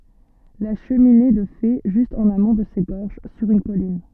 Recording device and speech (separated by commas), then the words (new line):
soft in-ear microphone, read sentence
La cheminée de fées, juste en amont de ces gorges, sur une colline.